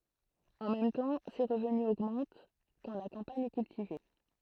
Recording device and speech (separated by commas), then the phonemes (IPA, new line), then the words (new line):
throat microphone, read sentence
ɑ̃ mɛm tɑ̃ se ʁəvny oɡmɑ̃t kɑ̃ la kɑ̃paɲ ɛ kyltive
En même temps, ses revenus augmentent quand la campagne est cultivée.